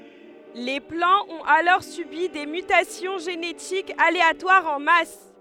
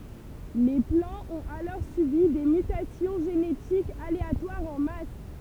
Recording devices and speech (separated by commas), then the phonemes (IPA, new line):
headset microphone, temple vibration pickup, read sentence
le plɑ̃z ɔ̃t alɔʁ sybi de mytasjɔ̃ ʒenetikz aleatwaʁz ɑ̃ mas